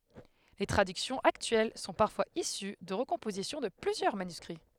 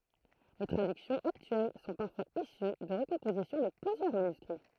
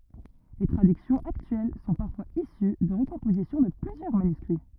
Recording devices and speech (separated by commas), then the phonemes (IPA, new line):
headset microphone, throat microphone, rigid in-ear microphone, read sentence
le tʁadyksjɔ̃z aktyɛl sɔ̃ paʁfwaz isy də ʁəkɔ̃pozisjɔ̃ də plyzjœʁ manyskʁi